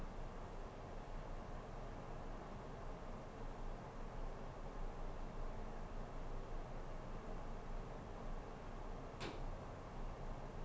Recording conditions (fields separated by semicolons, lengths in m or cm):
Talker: no one; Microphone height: 1.1 m; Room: small (3.7 m by 2.7 m); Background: none